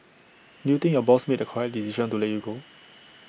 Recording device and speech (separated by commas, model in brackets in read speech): boundary microphone (BM630), read sentence